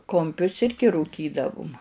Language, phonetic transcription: Lithuanian, kumˈpius ˈirgi rūˈkydavum

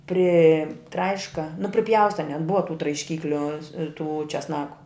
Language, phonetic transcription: Lithuanian, priˈtraiška nu priˈpjausta net ˈbuva tų traišˈkykliu tų česˈnaku

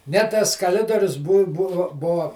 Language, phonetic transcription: Lithuanian, ne ˈtas kaˈlidorius bu ˈbuvu ˈbuo

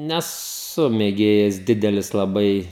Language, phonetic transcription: Lithuanian, neˈsu mėˈgėjas ˈdidelis laˈbai

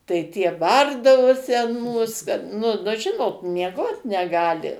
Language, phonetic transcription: Lithuanian, tai ˈtie ˈbardavosi an ˈmūs kad nu ˈnu ˈžinot mieˈgot neˈgali

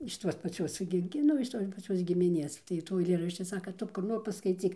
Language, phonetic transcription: Lithuanian, iš ˈtuos paˈciuos gi gi ˈnu iš ˈtos paˈciuos gimiˈnės tai ˈtų aiˈlėrašči ˈsaka ˈtu kur ˈnor paskaiˈcyk

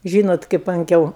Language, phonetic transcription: Lithuanian, ˈžynot kaip anˈkiau

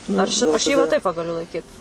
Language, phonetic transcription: Lithuanian, ˈaš aš ˈji va taip ˈva gaˈliu laiˈkyt

